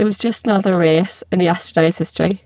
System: VC, spectral filtering